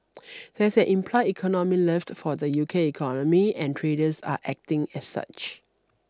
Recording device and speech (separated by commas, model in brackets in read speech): standing microphone (AKG C214), read sentence